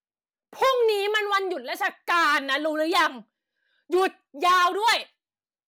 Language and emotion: Thai, angry